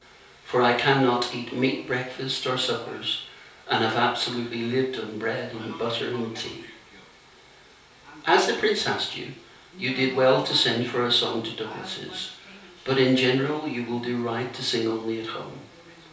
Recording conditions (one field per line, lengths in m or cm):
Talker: one person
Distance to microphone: 3.0 m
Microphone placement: far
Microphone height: 1.8 m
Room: small (3.7 m by 2.7 m)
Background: television